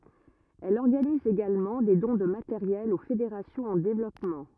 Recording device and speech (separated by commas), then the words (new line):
rigid in-ear microphone, read sentence
Elle organise également des dons de matériel aux fédérations en développement.